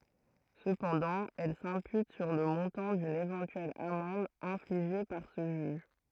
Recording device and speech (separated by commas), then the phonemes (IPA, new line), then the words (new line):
throat microphone, read sentence
səpɑ̃dɑ̃ ɛl sɛ̃pyt syʁ lə mɔ̃tɑ̃ dyn evɑ̃tyɛl amɑ̃d ɛ̃fliʒe paʁ sə ʒyʒ
Cependant, elle s'impute sur le montant d'une éventuelle amende infligée par ce juge.